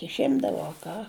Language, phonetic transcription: Lithuanian, išˈimdavo a ˈką

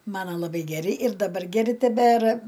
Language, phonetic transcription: Lithuanian, ˈmana laˈbai geˈri ir daˈbar geˈri teˈbera

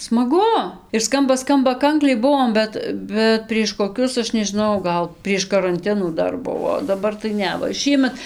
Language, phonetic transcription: Lithuanian, smaˈgu ir ˈskamba ˈskamba ˈkankliai ˈbuvom ˈbet bet prieš koˈkius ˈaš nežiˈnau ˈgal prieš karanˈtinų ˈdar ˈbuvo o daˈbar tai ˈne va ˈšįmet

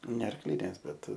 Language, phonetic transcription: Lithuanian, ne arkˈlinės ˈbet

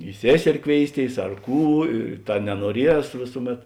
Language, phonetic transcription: Lithuanian, i ˈsėseri ˈkvėisˌtėis ar ˈkų i ˈta nenuoˈries ˈvėsuˌmet

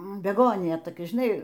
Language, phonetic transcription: Lithuanian, beˈgonija toˈkia žiˈnai

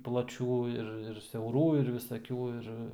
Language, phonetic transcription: Lithuanian, plaˈčių ir ir siauˈrų ir visaˈkių ˈir

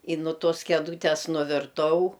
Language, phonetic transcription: Lithuanian, i nu ˈtos keˈdūtes nuvirˈtau

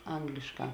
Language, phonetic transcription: Lithuanian, ˈanglišˌkā

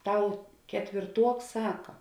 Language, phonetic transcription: Lithuanian, ˈtau ketvėrˈtuoks ˈsaka

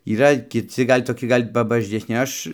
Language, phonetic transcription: Lithuanian, yˈra kiˈci ˈgal' toˈki ˈgal' pabažesˈni ˈaš

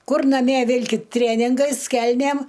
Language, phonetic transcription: Lithuanian, ˈkur naˈmie ˈvilkit ˈtrėningais ˈkelnėm

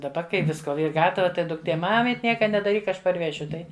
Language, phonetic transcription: Lithuanian, daˈba kai ˈvisko ˈyr ˈgatava ˈtai dukˈtė ˈmamit' ˈnieka nedaˈryk ˈaš parˈvešiu ˈtai

